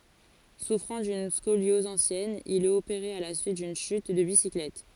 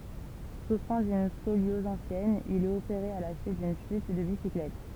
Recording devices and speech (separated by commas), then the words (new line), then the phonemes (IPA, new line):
forehead accelerometer, temple vibration pickup, read sentence
Souffrant d'une scoliose ancienne, il est opéré à la suite d'une chute de bicyclette.
sufʁɑ̃ dyn skoljɔz ɑ̃sjɛn il ɛt opeʁe a la syit dyn ʃyt də bisiklɛt